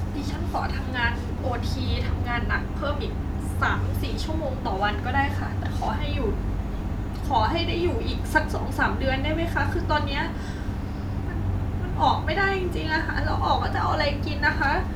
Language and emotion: Thai, sad